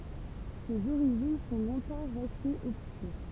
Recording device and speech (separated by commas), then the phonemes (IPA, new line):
temple vibration pickup, read sentence
sez oʁiʒin sɔ̃ lɔ̃tɑ̃ ʁɛstez ɔbskyʁ